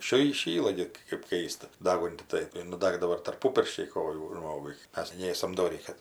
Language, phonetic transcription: Lithuanian, ˈšy įˈšyla gi kɜp ˈkaista ˈdagunti ˈtai ir nuˈdagdavo ir tarˈpu pirščiai ˈkojų ˈžmogui ˈmes ˈnėsam doˈrį ˈkad

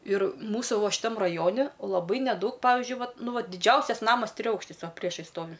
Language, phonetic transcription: Lithuanian, ir ˈmūsų ˈvo šiˈtam raˈjoni laˈbai neˈdaug ˈpavižiui ˈvat ˈnu ˈvat diˈdžiausias ˈnamas triˈaukštis ˈva ˈpriešais ˈstovi

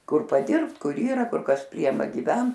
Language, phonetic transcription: Lithuanian, ˈkur paˈdirbt ˈkur ˈyra ˈkur kas ˈpriema giˈvent

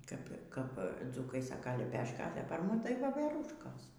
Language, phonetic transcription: Lithuanian, ˈkap ˈkap ˈdzūkai ˈsaka leˈpeška a tai par ˈmum tai ˈvoverūškos

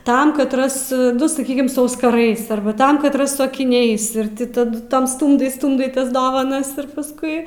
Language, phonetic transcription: Lithuanian, ˈtam katˈras ˈnu saˈkykim su auskaˈrais ˈarba ˈtam katˈras su akiˈniais ir ˈti taˈdu tam ˈstūmdai ˈstūmdai ˈtas ˈdavanas ir pasˈkui

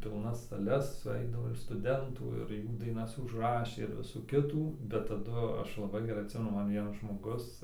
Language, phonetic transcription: Lithuanian, pilˈnas saˈles suˈeidavo ir stuˈdentų ir ˈjų daiˈnas užˈrašė ir ˈvisų ˈkitų bet taˈdu ˈaš laˈbai geˈrai atˈsimenu ˈman ˈvienas žmoˈgus

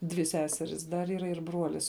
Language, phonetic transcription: Lithuanian, dvi ˈseseris dar yˈra ir ˈbruolis

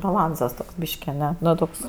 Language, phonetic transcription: Lithuanian, baˈlansas toks ˈbyški aˈne ˈnu ˈtoks

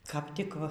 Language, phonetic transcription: Lithuanian, kap ˈtik

